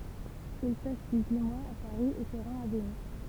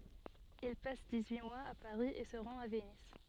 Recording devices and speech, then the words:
temple vibration pickup, soft in-ear microphone, read sentence
Il passe dix-huit mois à Paris, et se rend à Venise.

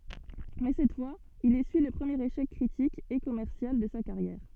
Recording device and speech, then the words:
soft in-ear microphone, read sentence
Mais cette fois, il essuie le premier échec critique, et commercial, de sa carrière.

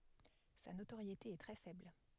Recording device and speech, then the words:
headset microphone, read sentence
Sa notoriété est très faible.

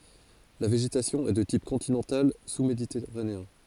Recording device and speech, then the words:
forehead accelerometer, read sentence
La végétation est de type continental sous-méditerranéen.

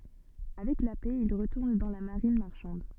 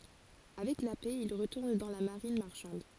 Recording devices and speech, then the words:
soft in-ear microphone, forehead accelerometer, read sentence
Avec la paix, il retourne dans la marine marchande.

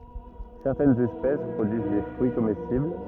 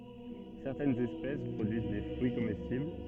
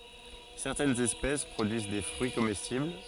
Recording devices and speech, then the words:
rigid in-ear microphone, soft in-ear microphone, forehead accelerometer, read sentence
Certaines espèces produisent des fruits comestibles.

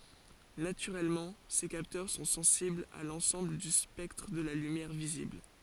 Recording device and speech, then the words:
forehead accelerometer, read sentence
Naturellement, ces capteurs sont sensibles à l'ensemble du spectre de la lumière visible.

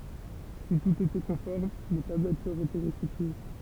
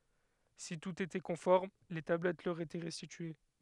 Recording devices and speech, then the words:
temple vibration pickup, headset microphone, read sentence
Si tout était conforme les tablettes leur étaient restituées.

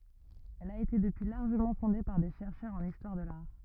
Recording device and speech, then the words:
rigid in-ear microphone, read sentence
Elle a été depuis largement fondée par des chercheurs en histoire de l'art.

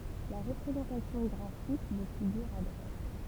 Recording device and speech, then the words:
temple vibration pickup, read sentence
La représentation graphique de figure à droite.

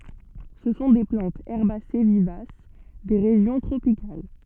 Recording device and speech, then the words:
soft in-ear microphone, read sentence
Ce sont des plantes herbacées vivaces des régions tropicales.

